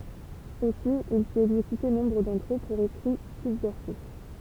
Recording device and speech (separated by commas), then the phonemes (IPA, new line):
temple vibration pickup, read sentence
osi il fit ɛɡzekyte nɔ̃bʁ dɑ̃tʁ ø puʁ ekʁi sybvɛʁsif